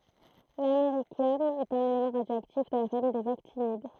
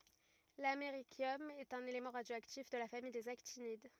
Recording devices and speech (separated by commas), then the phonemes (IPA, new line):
throat microphone, rigid in-ear microphone, read sentence
lameʁisjɔm ɛt œ̃n elemɑ̃ ʁadjoaktif də la famij dez aktinid